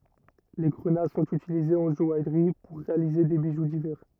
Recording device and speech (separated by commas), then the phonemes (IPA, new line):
rigid in-ear microphone, read sentence
le ɡʁəna sɔ̃t ytilizez ɑ̃ ʒɔajʁi puʁ ʁealize de biʒu divɛʁ